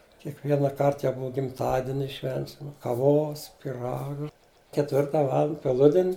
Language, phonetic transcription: Lithuanian, kiekˈvienaˈkart jau ˈbua gimˈtadieni ˈšvensim kaˈvos piˈraga ketˈvirta ˈvaland peˈludin'

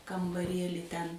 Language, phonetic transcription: Lithuanian, kambaˈrieli ten

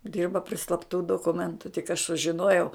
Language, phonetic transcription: Lithuanian, ˈdirba pri slapˈtų dokuˈmentu tik aš sužiˈnojau

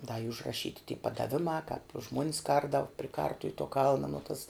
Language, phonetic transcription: Lithuanian, da y užraˈšyti ty padaˈvimā kāp ˈžmuonis ˈkardavu pri ˈkartuv' to ˈkalna no tas

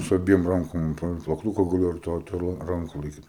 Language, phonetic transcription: Lithuanian, su aˈbiem ˈrankom pa plakˈtuka gaˈliu ir ˈto ir ˈto ra ˈranko laiˈkyt

